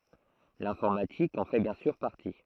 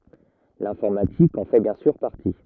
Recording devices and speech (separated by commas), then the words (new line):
throat microphone, rigid in-ear microphone, read sentence
L'informatique en fait bien sûr partie.